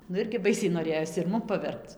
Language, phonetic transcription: Lithuanian, nu ˈirgi ˈbaisiai noˈrėjos ir ˈmum paˈverpc

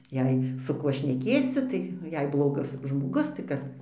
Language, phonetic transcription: Lithuanian, ˈjei su ˈkuo šneˈkėsi tai jei ˈblogas žmoˈgus tai ˈkad

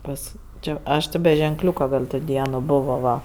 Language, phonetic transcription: Lithuanian, ˈpas ˈčia ˈaš ti be ženˈkliūka ˈgal' to ˈdieno ˈbovo ˈva

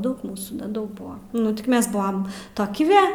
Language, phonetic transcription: Lithuanian, ˈdaug ˈmūsų neˈdaug ˈbua ˈnu tik ˈmes buam ˈtoki ve

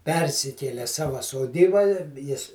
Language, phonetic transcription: Lithuanian, ˈpersikėle ˈsava soˈdyba i ˈjis

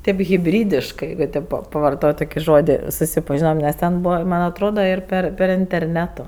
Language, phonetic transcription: Lithuanian, tėp hiˈbrydiškɜ ˈjeigu tėp pa pavarˈtot' ˈtoki ˈžodi susipaˈžinom nes ˈten ˈbūva ˈman' atˈrodo ir ˈper per interˈnetu

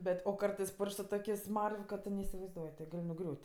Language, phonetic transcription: Lithuanian, ˈbet' o ˈkartɜs ˈpurš'k' su ˈtokės' ˈsmar'v' ka ˈtu neisivaizˈduoj ti ˈgal' nuˈgriūt'

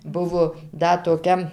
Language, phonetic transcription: Lithuanian, ˈbuvo ˈda toˈkia

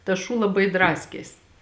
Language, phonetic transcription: Lithuanian, tas ˈšū laˈbai ˈdraskės

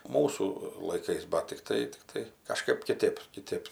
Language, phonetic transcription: Lithuanian, ˈmūsų laiˈkais ba tikˈtai tikˈtai kaˈžkaip kiˈtėp kiˈtėp

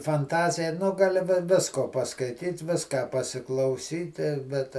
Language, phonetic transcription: Lithuanian, fanˈtazija ˈnu gaˈli vi ˈvisko paskaiˈtyt ˈviską pasiklauˈsyti ˈbet

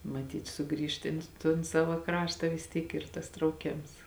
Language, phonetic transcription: Lithuanian, maˈtyt ˈsuˌgrįžt ˈin ton ˈsava ˈkrašta vis ˈtyk ˈyr tas trauˈkėms

